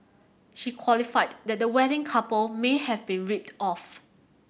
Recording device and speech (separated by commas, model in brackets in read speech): boundary microphone (BM630), read sentence